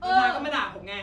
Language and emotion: Thai, angry